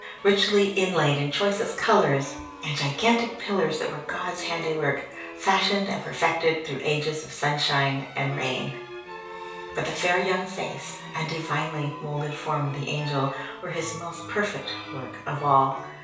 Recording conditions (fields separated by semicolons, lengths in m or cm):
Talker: one person; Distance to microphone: 3.0 m; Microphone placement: far; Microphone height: 1.8 m; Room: small (3.7 m by 2.7 m); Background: music